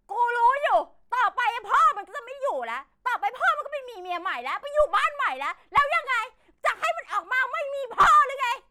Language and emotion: Thai, angry